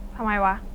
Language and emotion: Thai, neutral